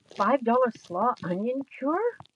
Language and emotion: English, fearful